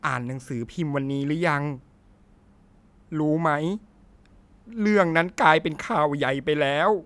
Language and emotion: Thai, sad